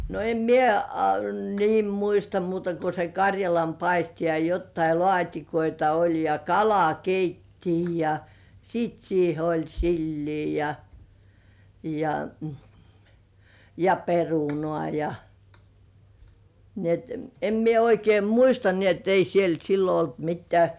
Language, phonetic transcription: Finnish, no em "mie a niim 'muista muuta ko se "kaŕjalampaisti ja jottai "lŏàt́ikoita oĺ ja "kalakeittii ja , 'siit siihe oĺ "sillii ja , ja , ja , "perunŏà ja , ni ‿et em 'mie oikeim "muista ni et 'ei siel "sillo olt 'mittĕä̀ .
- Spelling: no en minä a niin muista muuta kuin se karjalanpaisti ja jotakin laatikoita oli ja kalakeittoa ja sitten siihen oli silliä ja ja ja perunaa ja niin että en minä oikein muista niin että ei siellä silloin ollut mitään

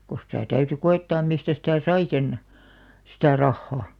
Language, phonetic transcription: Finnish, ko sⁱtä̀ 'täyty "ko₍ettaam̆ mistä sitä̀ "sai sen , sitä̀ 'rahha .
- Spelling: kun sitä täytyi koettaa mistä sitä sai sen sitä rahaa

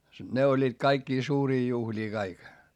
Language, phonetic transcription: Finnish, ne oĺĺiit kaikkii suurii juhĺii kaik .
- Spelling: ne olivat kaikkia suuria juhlia kaikki

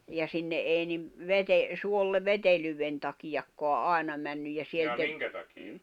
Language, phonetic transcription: Finnish, ja sinne '’èi nim , 'vete- , 'suolle ̳ 'vetelyywven takijakkoa "’àena männyj ja sielt ‿e- ,
- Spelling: ja sinne ei niin - suolle vetelyyden takiakaan aina mennyt ja sieltä -

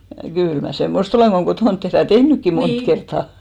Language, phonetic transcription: Finnish, 'kỳl mä "semmost ‿olèŋ ɢo 'kotònt tehrä ja "tehnykki 'mont kerttà .
- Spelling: kyllä minä semmoista olen kun kotona tehdään ja tehnytkin monta kertaa

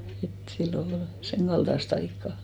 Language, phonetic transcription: Finnish, et sillo ol 'seŋkalᴅas't ‿aikkà .
- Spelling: että silloin oli senkaltaista aikaa

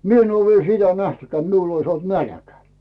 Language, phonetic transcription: Finnish, 'mi ‿en oo viel sitä 'nähtʏkᵉää ‿t 'miul ‿ois "nälᵃ̈kä .
- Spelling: minä en ole vielä sitä nähnytkään että minulla olisi nälkä

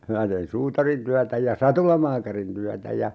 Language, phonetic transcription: Finnish, 'minä tein "suutarintyätä ja "satulamaakarin tyätä ja , 'sitte , .
- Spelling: minä tein suutarintyötä ja satulamaakarin työtä ja sitten

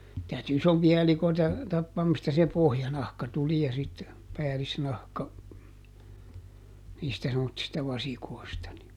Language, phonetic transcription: Finnish, täyty ˈisompi₍a ˈelikoita , ˈtappaam mistä se "pohjanahka tuli ja sit , ˈpäälisnahka , niistä semmottista ˈvasikoi̮sta ni ,.
- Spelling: täytyi isompia elikoita tappaa mistä se pohjanahka tuli ja sitten päällisnahka niistä semmoisista vasikoista niin

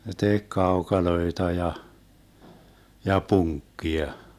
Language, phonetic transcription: Finnish, ne 'tek "kaokaloeta ja , ja "puŋkkia .
- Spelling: ne teki kaukaloita ja ja punkkia

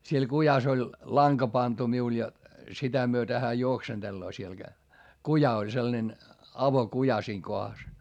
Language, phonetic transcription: Finnish, siel kujas ‿oĺ , laŋka pantu miul ja , sitä myötä hää juoksenDelloo siel Gä- , kuja oĺ sellᵃnen , avokuja siiŋ kohas .
- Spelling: siellä kujassa oli lanka pantu minulla ja sitä myöten hän juoksentelee siellä - kuja oli sellainen avokuja siinä kohdassa

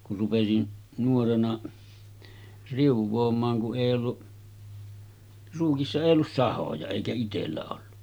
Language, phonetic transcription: Finnish, kur rupesin , nuorena , 'riuv̆voom̆maaŋ ku’ '’èij ‿ollu , ruukissa 'èij ‿ollus "sahoja èikä 'itellä ollu .
- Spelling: kun rupesin nuorena riuaamaan kun ei ollut ruukissa ei ollut sahoja eikä itsellä ollut

